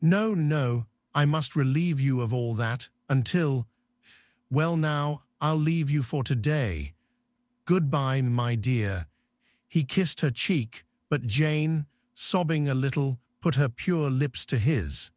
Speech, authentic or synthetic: synthetic